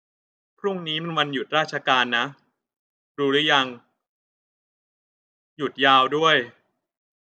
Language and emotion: Thai, neutral